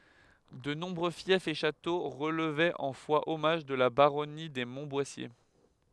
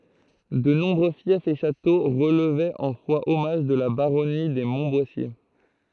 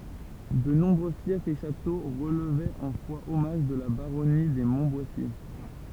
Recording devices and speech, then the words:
headset microphone, throat microphone, temple vibration pickup, read sentence
De nombreux fiefs et châteaux relevaient en foi-hommage de la baronnie des Montboissier.

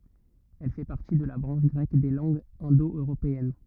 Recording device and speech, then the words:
rigid in-ear microphone, read sentence
Elle fait partie de la branche grecque des langues indo-européennes.

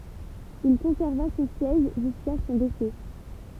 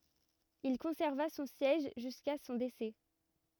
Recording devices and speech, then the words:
temple vibration pickup, rigid in-ear microphone, read sentence
Il conserva son siège jusqu’à son décès.

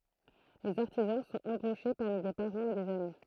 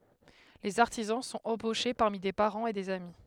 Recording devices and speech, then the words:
throat microphone, headset microphone, read sentence
Les artisans sont embauchés parmi des parents et des amis.

